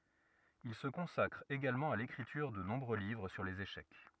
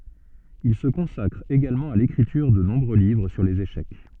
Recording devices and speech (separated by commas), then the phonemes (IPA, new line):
rigid in-ear microphone, soft in-ear microphone, read sentence
il sə kɔ̃sakʁ eɡalmɑ̃ a lekʁityʁ də nɔ̃bʁø livʁ syʁ lez eʃɛk